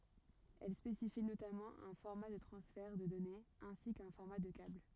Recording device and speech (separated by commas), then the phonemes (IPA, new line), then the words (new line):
rigid in-ear microphone, read sentence
ɛl spesifi notamɑ̃ œ̃ fɔʁma də tʁɑ̃sfɛʁ də dɔnez ɛ̃si kœ̃ fɔʁma də kabl
Elle spécifie notamment un format de transfert de données ainsi qu'un format de câble.